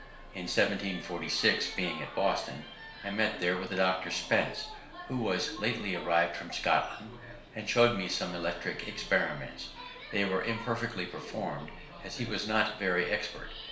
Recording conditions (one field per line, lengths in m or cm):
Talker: one person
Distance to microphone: 1.0 m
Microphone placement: close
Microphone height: 1.1 m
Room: small (3.7 m by 2.7 m)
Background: television